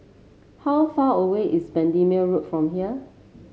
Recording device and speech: mobile phone (Samsung C7), read sentence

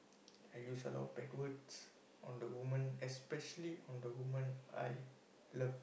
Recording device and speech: boundary microphone, conversation in the same room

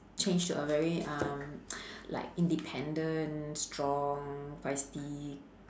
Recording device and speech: standing microphone, conversation in separate rooms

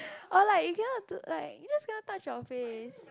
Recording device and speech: close-talking microphone, conversation in the same room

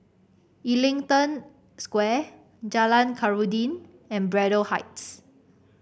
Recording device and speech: boundary microphone (BM630), read sentence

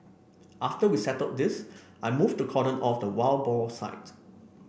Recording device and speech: boundary microphone (BM630), read sentence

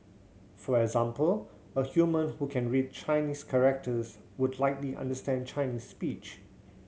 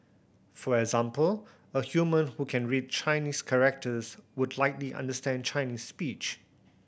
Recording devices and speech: mobile phone (Samsung C7100), boundary microphone (BM630), read sentence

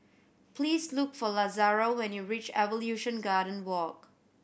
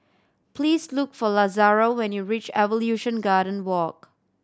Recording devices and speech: boundary microphone (BM630), standing microphone (AKG C214), read sentence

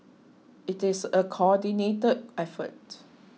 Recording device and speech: mobile phone (iPhone 6), read sentence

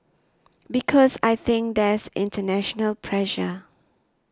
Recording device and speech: standing microphone (AKG C214), read sentence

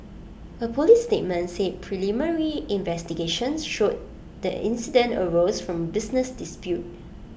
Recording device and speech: boundary microphone (BM630), read sentence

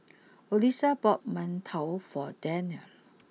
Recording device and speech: mobile phone (iPhone 6), read sentence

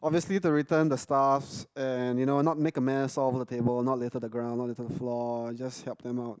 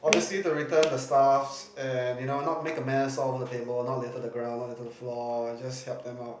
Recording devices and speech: close-talking microphone, boundary microphone, conversation in the same room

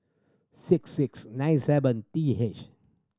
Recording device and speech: standing microphone (AKG C214), read sentence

